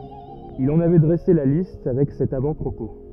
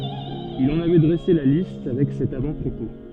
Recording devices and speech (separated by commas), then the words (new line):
rigid in-ear microphone, soft in-ear microphone, read sentence
Il en avait dressé la liste, avec cet avant-propos.